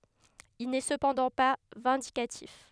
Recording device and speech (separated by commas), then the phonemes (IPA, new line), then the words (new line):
headset microphone, read sentence
il nɛ səpɑ̃dɑ̃ pa vɛ̃dikatif
Il n’est cependant pas vindicatif.